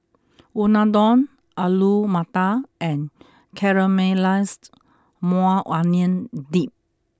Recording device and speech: close-talking microphone (WH20), read sentence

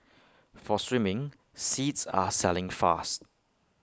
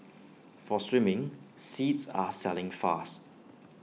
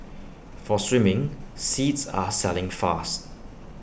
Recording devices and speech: close-talking microphone (WH20), mobile phone (iPhone 6), boundary microphone (BM630), read sentence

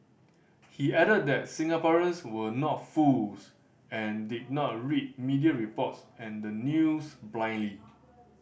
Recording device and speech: boundary microphone (BM630), read sentence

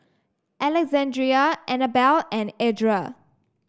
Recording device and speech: standing microphone (AKG C214), read sentence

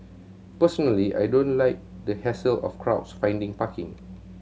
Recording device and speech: mobile phone (Samsung C7100), read sentence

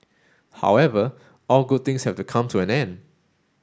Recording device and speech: standing microphone (AKG C214), read sentence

